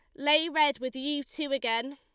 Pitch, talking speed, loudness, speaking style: 285 Hz, 205 wpm, -28 LUFS, Lombard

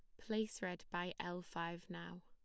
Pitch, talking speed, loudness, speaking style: 175 Hz, 175 wpm, -45 LUFS, plain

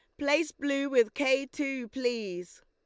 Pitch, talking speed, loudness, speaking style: 270 Hz, 145 wpm, -29 LUFS, Lombard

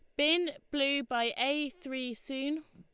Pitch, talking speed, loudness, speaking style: 280 Hz, 145 wpm, -32 LUFS, Lombard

